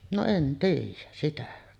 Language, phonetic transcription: Finnish, no "en 'tiij̆jäs sitä .
- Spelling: no en tiedä sitä

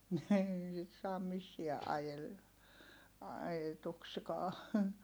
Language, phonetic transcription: Finnish, nii sit saam missiä ʼajel- , ajetukskaa .
- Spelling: niin sitten saa missään - ajetuksikaan

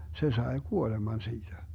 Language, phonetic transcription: Finnish, 'se 'sae "kuoleman siiDä .
- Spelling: se sai kuoleman siitä

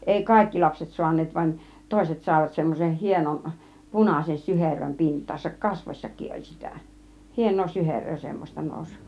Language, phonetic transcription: Finnish, 'ˀèi "kàikki 'lapset 'suan̆neet vań , "tòiset 'sàivat semmosen 'hienon , punàsen 'syheröm 'pint̆taasak , "kasvośsak̆kiˀ ˀol 'sitä̀ "hien̆noo 'syher̆röö semmośta nòus .
- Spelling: ei kaikki lapset saaneet vaan toiset saivat semmoisen hienon punaisen syherön pintaansa kasvoissakin oli sitä hienoa syheröä semmoista nousi

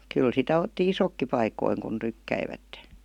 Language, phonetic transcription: Finnish, 'kyl sitä 'otti "isokki 'paikoiŋ kun 'tykkäivätte .
- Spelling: kyllä sitä otti isotkin paikoin kun tykkäsivät

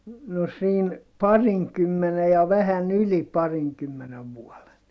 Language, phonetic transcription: Finnish, no siin , pariŋkymmene ja vähän ‿yli pariŋkymmenev vuɔle .
- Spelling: no siinä parinkymmenen ja vähän yli parinkymmenen vuoden

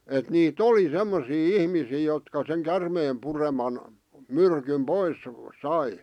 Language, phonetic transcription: Finnish, et nii"t ‿oli "semmosii "ihmisii jotka seŋ 'kärmeem pureman , "myrkym "pois , "sai .
- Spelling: että niitä oli semmoisia ihmisiä jotka sen käärmeen pureman myrkyn pois sai

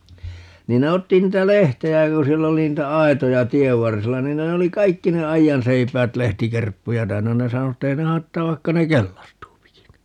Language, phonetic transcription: Finnish, 'niin ne 'otti 'niitä "lehtejä ja ku 'siell ‿oli 'niitä "aitoja "tiev 'varsilla 'niin ne (ne) oli 'kaikki ne "aijanseipäät 'lehtikerppuja täynnä - 'ne sano että 'ei (ne) 'hai̮ttaav 'vaikka ne "kellastuupikin .
- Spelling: niin ne otti niitä lehtiä ja kun siellä oli niitä aitoja tien varsilla niin ne ne oli kaikki ne aidanseipäät lehtikerppuja täynnä ne sanoi että ei ne haittaa vaikka ne kellastuukin

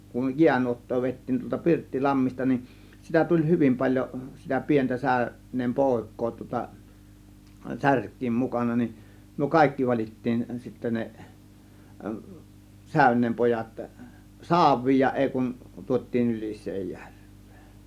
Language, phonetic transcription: Finnish, kun "jiänuot̀too 'vèit̀tiin tuolta "Pirttilammista nin , sitä 'tuĺ "hyvim 'paĺjo , sitä 'pi̬entä 'sä- , -ön̆neem "pòėk̆koo tŭŏta , "särk̆kiim mukana nin , myö "kàėkki 'val͕ittiin sittä 'ne , 'sä̀ö̇n̆neem 'pojat , "saav̆viij ja 'ˀèi kun , 'tuot́̆tiin 'Ylis̆seejJÄRV̆VEE .
- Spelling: kun jäänuottaa vedettiin tuolta Pirttilammista niin sitä tuli hyvin paljon sitä pientä - säyneen poikaa tuota särkien mukana niin me kaikki valittiin sitten ne säyneen pojat saaviin ja ei kuin tuotiin Ylisenjärveen

